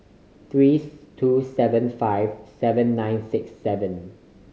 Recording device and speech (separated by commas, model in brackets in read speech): mobile phone (Samsung C5010), read sentence